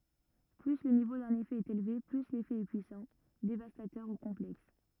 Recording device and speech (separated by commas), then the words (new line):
rigid in-ear microphone, read sentence
Plus le niveau d'un effet est élevé, plus l'effet est puissant, dévastateur ou complexe.